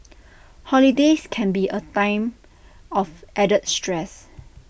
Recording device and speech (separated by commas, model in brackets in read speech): boundary microphone (BM630), read sentence